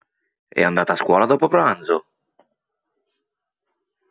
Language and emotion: Italian, surprised